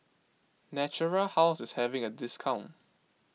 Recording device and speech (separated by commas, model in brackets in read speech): mobile phone (iPhone 6), read sentence